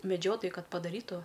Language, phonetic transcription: Lithuanian, meˈdžiotojui ˈkad padaˈrytu

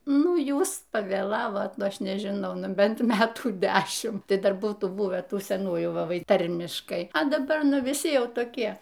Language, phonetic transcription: Lithuanian, ˈnu ˈjūs pavėˈlavot ˈnu ˈaš nežiˈnau ˈnu ˈbent ˈmetų ˈdešim ˈtai ˈdar ˈbūtų ˈbuvę ˈtų seˈnųjų ˈva ˈvai ˈtarmiškai a daˈba ˈnu viˈsi ˈjau toˈkie

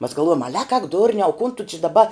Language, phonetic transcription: Lithuanian, mas galˈvuojom ˈale ak ak ˈdurniau kun tu či daˈba

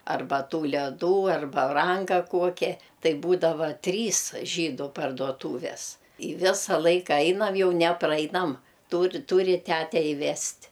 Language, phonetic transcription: Lithuanian, arˈba ˈtų leˈdų ar baˈranka ˈkuokia ˈtai ˈbūdava ˈtrys ˈžydu parduoˈtūves ˈi ˈvisa ˈlaika ˈainam ˈjau ne ˈprainam ˈtūr ˈtūri ˈtæte iˈvest'

